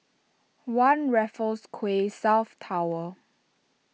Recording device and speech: mobile phone (iPhone 6), read sentence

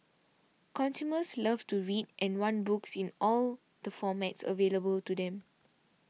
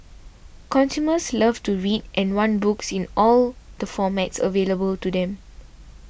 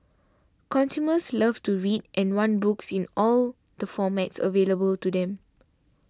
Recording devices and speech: mobile phone (iPhone 6), boundary microphone (BM630), standing microphone (AKG C214), read sentence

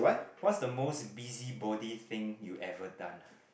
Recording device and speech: boundary microphone, conversation in the same room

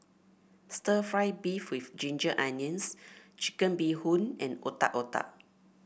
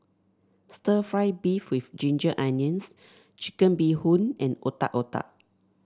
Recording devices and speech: boundary microphone (BM630), standing microphone (AKG C214), read sentence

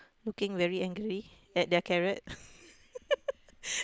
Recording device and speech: close-talking microphone, conversation in the same room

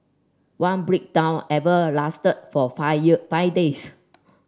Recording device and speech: standing microphone (AKG C214), read sentence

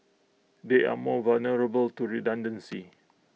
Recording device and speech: mobile phone (iPhone 6), read sentence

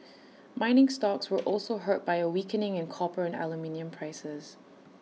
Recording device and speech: mobile phone (iPhone 6), read sentence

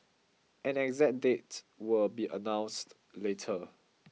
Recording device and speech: mobile phone (iPhone 6), read sentence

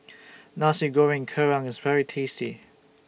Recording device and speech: boundary microphone (BM630), read sentence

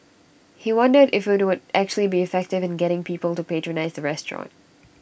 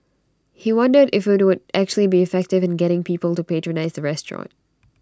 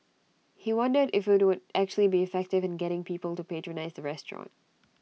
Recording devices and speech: boundary microphone (BM630), standing microphone (AKG C214), mobile phone (iPhone 6), read sentence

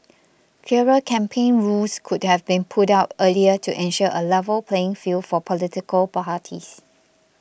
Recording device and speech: boundary microphone (BM630), read sentence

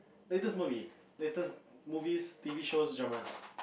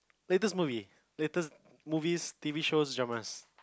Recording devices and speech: boundary microphone, close-talking microphone, conversation in the same room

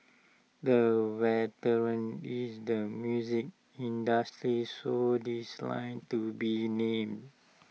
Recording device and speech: mobile phone (iPhone 6), read sentence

